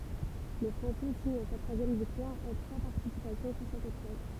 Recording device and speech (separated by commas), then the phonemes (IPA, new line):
temple vibration pickup, read sentence
lə fʁɑ̃sɛ siɲ sa tʁwazjɛm viktwaʁ ɑ̃ tʁwa paʁtisipasjɔ̃ syʁ sɛt epʁøv